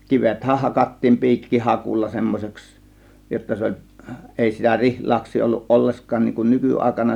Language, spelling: Finnish, kivethän hakattiin piikkihakulla semmoiseksi jotta se oli ei sitä rihlaksia ollut ollenkaan niin kuin nykyaikana
- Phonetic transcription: 'kivethäh 'hakattiim 'pi̬ikkihakulla 'semmos͕eks , jotta 'se 'oĺ , 'èi sitä "rihlaaks̆sii olluˀ "ˀolleskaan niiŋ kun "nyky₍àėkana .

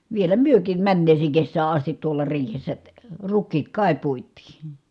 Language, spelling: Finnish, vielä mekin menneeseen kesään asti tuolla riihessä rukiit kai puitiin
- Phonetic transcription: vielä myökiim männeeseeŋ kessää astit tuola riihessä , ruk̆kiit kài puit̆tii .

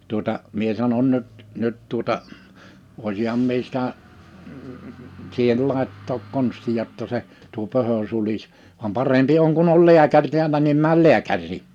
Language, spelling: Finnish, tuota minä sanon nyt nyt tuota olisinhan minä sitä siihen laittaa konstia jotta se tuo pöhö sulaisi vaan parempi on kun on lääkäri täällä niin mene lääkäriin
- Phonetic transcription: tuᵒta , 'mie sanon » 'nyt , 'nyt tuᵒta , 'òisiham mie sitä , siihel 'làettook 'konstiʲa ‿tta 'se , tuo 'pöhö 'sulis , vam 'parempi oŋ kun ‿ol 'liäkäŕ 'tiällä nim 'määl 'liäkär̆rii « .

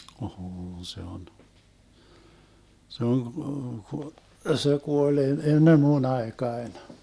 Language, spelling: Finnish, on se on se on - - se kuoli - ennen minun aikaani
- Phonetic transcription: o'hoon 'se on , 'se oŋ ku- ku- , se 'kuol e- 'ennem "mu'n ‿aekaen .

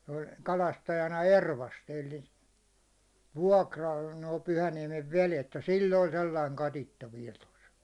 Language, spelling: Finnish, se oli kalastajana Ervasti eli vuokralla nuo Pyhäniemen vedet ja sillä oli sellainen katiska vielä tuossa
- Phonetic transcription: se oĺ 'kalastajana "Ervasti elli , 'vuåkral nòi 'Pyhäniɛmev "velet ja 'sil'l ‿oĺ 'sellaiŋ "katitta viɛl tos .

